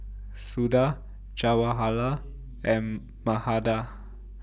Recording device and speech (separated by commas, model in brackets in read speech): boundary microphone (BM630), read sentence